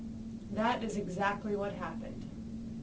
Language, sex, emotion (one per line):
English
female
neutral